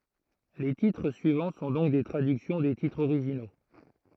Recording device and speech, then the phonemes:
throat microphone, read sentence
le titʁ syivɑ̃ sɔ̃ dɔ̃k de tʁadyksjɔ̃ de titʁz oʁiʒino

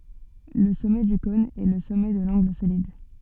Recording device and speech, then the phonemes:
soft in-ear microphone, read sentence
lə sɔmɛ dy kɔ̃n ɛ lə sɔmɛ də lɑ̃ɡl solid

